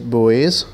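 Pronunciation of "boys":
'Boys' is pronounced correctly here.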